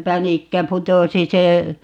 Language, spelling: Finnish, pänikkä putosi se
- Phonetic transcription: "pänikkä 'putosi 'se , .

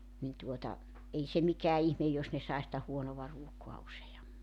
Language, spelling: Finnish, niin tuota ei se mikään ihme jos ne sai sitä huonoa ruokaa useammin
- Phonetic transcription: nin tuota , 'ei se mikää 'ihmej jos ne 'sai sⁱtä 'huonova 'ruokoa 'usejammi .

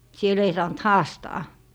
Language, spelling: Finnish, siellä ei saanut haastaa
- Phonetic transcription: 'siel ‿ei saant "haastaa .

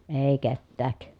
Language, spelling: Finnish, ei ketään
- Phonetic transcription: èi kettääk .

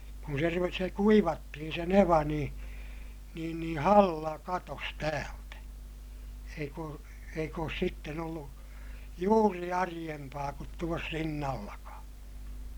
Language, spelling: Finnish, kun se - se kuivattiin se neva niin niin niin halla katosi täältä eikä ole eikä ole sitten ollut juuri arempaa kuin tuossa Rinnallakaan
- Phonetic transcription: kun se ru- , se kuivattihin se neva niḭ , niin niḭ halla katos täältä , eik ‿oo , eik ‿oos sitten ‿ollu , juuri ariʲempaa kut tuos Rinnallakaa .

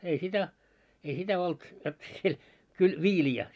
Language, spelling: Finnish, ei sitä ei sitä ollut jotta siellä kyllä viiliä
- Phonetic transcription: ei 'sitä , ei 'sitä olt , jot siel , kyl 'viili₍ä .

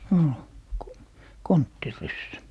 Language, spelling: Finnish, oli konttiryssä
- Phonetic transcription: 'ol , "konttiryssä .

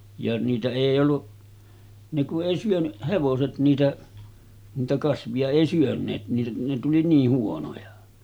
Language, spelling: Finnish, ja niitä ei ollut ne kun ei syönyt hevoset niitä niitä kasvia ei syöneet ne ne tuli niin huonoja
- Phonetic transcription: ja niitä 'èij ‿olluˀ , ne ku’ '’èi syöny , 'hevoset niitä , niitä 'kasvi₍a 'èi syön̆neet ne ne tuli 'niih 'huonoja .

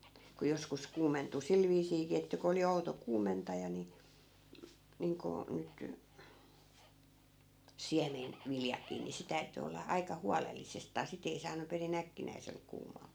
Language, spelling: Finnish, kun joskus kuumentui sillä viisiinkin että kun oli outo kuumentaja niin niin kuin nyt - siemenviljakin niin se täytyi olla aika huolellisestaan sitten ei saanut perin äkkinäisellä kuumaa
- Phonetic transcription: ku 'joskus 'kuumentu "sil viisiikii että ku oli 'outo "kuumentaja ni , 'niiŋkoo , 'nyt , "siämen- , '-viljakii ni 'se täyty olla , 'aika "hualellisestaa 'sit ‿ei saanu peri'n ‿äkkinäisel 'kuumaa .

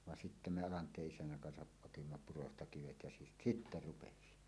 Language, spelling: Finnish, vaan sitten me Alanteen isännän kanssa otimme purosta kivet ja - sitten rupesi
- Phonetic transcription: van sittä "me 'Alant̀ee’ ’isännäŋ kansaˀ "ˀotimma 'purosta 'kivet ja si- , "sittä 'rupesi .

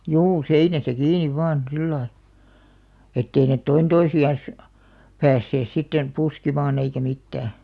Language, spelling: Finnish, juu seinässä kiinni vain sillä lailla että ei ne toinen toisiansa päässeet sitten puskemaan eikä mitään
- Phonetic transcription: juu 'seinäsä kiiniv 'vaan , 'sillai , ettei net "toin 'toisi₍an̬s , "päässees 'sitten , 'puskimaan ‿eikä 'mittää .

